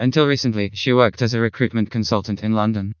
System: TTS, vocoder